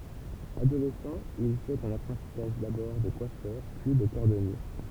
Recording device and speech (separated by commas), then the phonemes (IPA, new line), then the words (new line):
temple vibration pickup, read sentence
adolɛsɑ̃ il fɛt œ̃n apʁɑ̃tisaʒ dabɔʁ də kwafœʁ pyi də kɔʁdɔnje
Adolescent, il fait un apprentissage d'abord de coiffeur, puis de cordonnier.